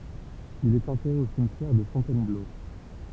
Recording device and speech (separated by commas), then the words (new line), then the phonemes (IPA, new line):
temple vibration pickup, read sentence
Il est enterré au cimetière de Fontainebleau.
il ɛt ɑ̃tɛʁe o simtjɛʁ də fɔ̃tɛnblo